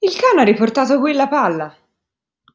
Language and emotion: Italian, surprised